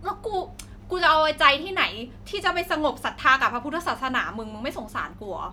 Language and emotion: Thai, frustrated